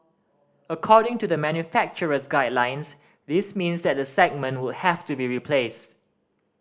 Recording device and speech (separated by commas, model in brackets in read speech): standing microphone (AKG C214), read sentence